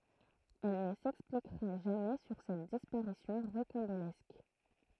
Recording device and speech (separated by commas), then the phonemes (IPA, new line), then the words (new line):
throat microphone, read sentence
ɛl nə sɛksplikʁa ʒamɛ syʁ sɛt dispaʁisjɔ̃ ʁokɑ̃bolɛsk
Elle ne s'expliquera jamais sur cette disparition rocambolesque.